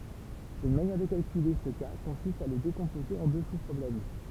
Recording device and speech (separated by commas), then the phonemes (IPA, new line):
temple vibration pickup, read sentence
yn manjɛʁ də kalkyle sə ka kɔ̃sist a lə dekɔ̃poze ɑ̃ dø suspʁɔblɛm